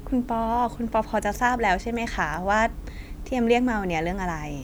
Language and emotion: Thai, neutral